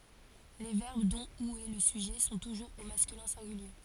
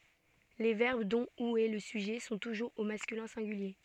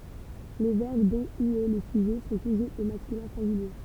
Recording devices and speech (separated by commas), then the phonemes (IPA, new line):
forehead accelerometer, soft in-ear microphone, temple vibration pickup, read sentence
le vɛʁb dɔ̃ u ɛ lə syʒɛ sɔ̃ tuʒuʁz o maskylɛ̃ sɛ̃ɡylje